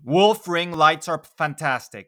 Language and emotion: English, neutral